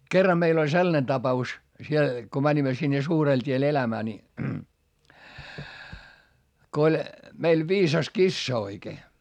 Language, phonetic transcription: Finnish, kerra meil ‿oĺ sellane tapa₍us , siel , ko mäńimä sinne suurel t́iel elämää ni , ko oĺ , meil viisas kissa oikee .
- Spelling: kerran meillä oli sellainen tapaus siellä kun menimme sinne suurelle tielle elämään niin kun oli meillä viisas kissa oikein

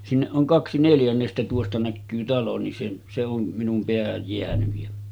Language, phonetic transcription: Finnish, 'sinneˀ ˀoŋ "kaksi 'neljännestä tuosta näkkyy 'talo nin se , se om minum 'peähäj jeänyj jä ,.
- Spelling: sinne on kaksi neljännestä tuosta näkyy talo niin se se on minun päähän jäänyt ja

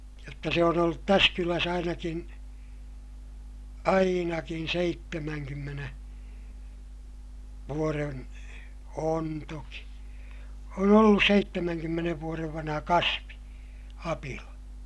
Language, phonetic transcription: Finnish, jotta se on ‿ollut täs kyläs ‿ainakin , ainakin seittemäŋkymmene , vuoren , on toki , on ‿ollus seittemäŋkymmenev vuorev vanha kasvi , apila .
- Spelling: jotta se on ollut tässä kylässä ainakin ainakin seitsemänkymmenen vuoden on toki on ollut seitsemänkymmenen vuoden vanha kasvi apila

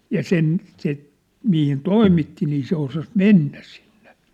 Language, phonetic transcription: Finnish, ja "sen , se , mihin "toimitti nii 'se osas "mennä sɪɴɴᴇ .
- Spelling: ja sen se mihin toimitti niin se osasi mennä sinne

